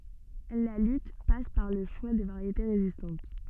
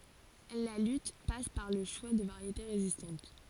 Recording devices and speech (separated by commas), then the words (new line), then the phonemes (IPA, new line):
soft in-ear microphone, forehead accelerometer, read sentence
La lutte passe par le choix de variétés résistantes.
la lyt pas paʁ lə ʃwa də vaʁjete ʁezistɑ̃t